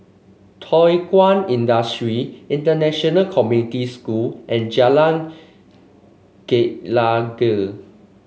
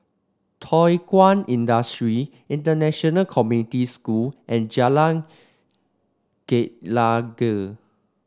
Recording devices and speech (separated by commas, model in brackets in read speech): mobile phone (Samsung C5), standing microphone (AKG C214), read sentence